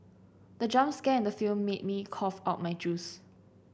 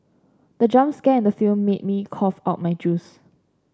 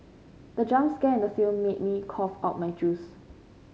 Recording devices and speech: boundary microphone (BM630), standing microphone (AKG C214), mobile phone (Samsung C5), read sentence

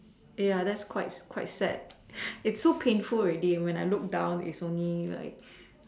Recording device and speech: standing microphone, conversation in separate rooms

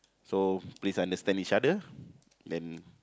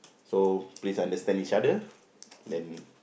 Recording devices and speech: close-talking microphone, boundary microphone, conversation in the same room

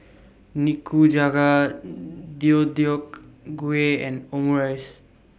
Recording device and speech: boundary microphone (BM630), read sentence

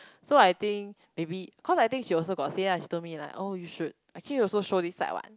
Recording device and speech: close-talking microphone, conversation in the same room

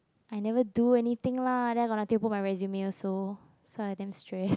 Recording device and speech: close-talking microphone, conversation in the same room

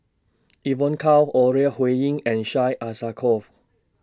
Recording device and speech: standing microphone (AKG C214), read sentence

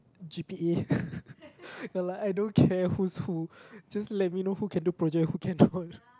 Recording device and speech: close-talking microphone, conversation in the same room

